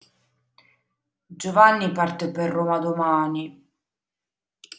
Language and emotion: Italian, sad